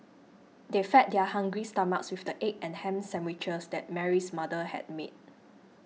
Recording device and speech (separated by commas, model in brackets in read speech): mobile phone (iPhone 6), read sentence